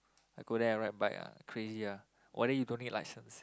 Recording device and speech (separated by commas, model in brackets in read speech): close-talking microphone, conversation in the same room